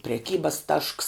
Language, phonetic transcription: Lithuanian, preˈkybas tašks

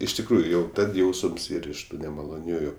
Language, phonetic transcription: Lithuanian, iš tikˈrųju ˈjau ˈtad ˈjausəms ˈyr iš ˈtų nemaloˈniųju

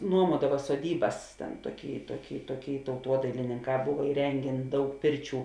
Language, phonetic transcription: Lithuanian, ˈnuomuodava soˈdybas ˈten ˈtuoˌky ˈtuoˌky ˈtuoˌky tauˈtuodailininˌkā ˈbuva iˈrengėn ˈdaug ˈpirˌčių

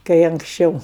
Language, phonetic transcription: Lithuanian, kai anksˈčiau

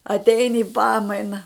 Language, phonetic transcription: Lithuanian, atˈeini i ˈpamaina

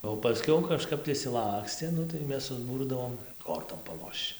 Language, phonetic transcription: Lithuanian, o paˈskiau kaˈžkap tai išsiˈlakstė ˈnu tai ˈmes susˈbūrdavom ˈkortom paˈlošč

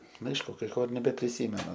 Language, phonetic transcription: Lithuanian, ˈnu ˈaišku kai ˈko ir nebepriˈsymenu

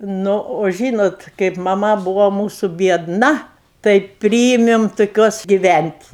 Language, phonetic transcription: Lithuanian, ˈnu o ˈžynot kaip maˈma ˈbūvo ˈmūsu biedˈna tai ˈpryimim tuˈkiuos giˈvænt'

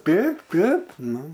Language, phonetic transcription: Lithuanian, ˈteip ˈtep ˈnu

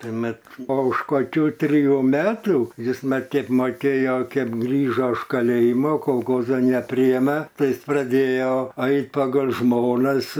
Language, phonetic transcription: Lithuanian, ˈtai ˈmat o už koˈkių triˈjų ˈmetų ˈjis ˈmat ˈkiek moˈkėjo ˈkep ˈgrįžo iš kaˈlėjimo kolˈkozan neˈpryeme ˈtai ˈis praˈdėjo ˈait pagal' ˈžmonas

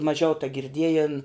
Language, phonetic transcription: Lithuanian, maˈžiau tagirˈdiejėn

